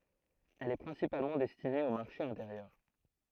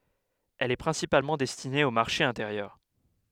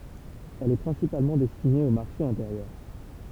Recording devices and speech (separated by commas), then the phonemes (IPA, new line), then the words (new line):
throat microphone, headset microphone, temple vibration pickup, read sentence
ɛl ɛ pʁɛ̃sipalmɑ̃ dɛstine o maʁʃe ɛ̃teʁjœʁ
Elle est principalement destinée au marché intérieur.